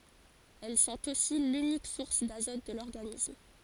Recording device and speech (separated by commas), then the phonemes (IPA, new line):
forehead accelerometer, read sentence
ɛl sɔ̃t osi lynik suʁs dazɔt də lɔʁɡanism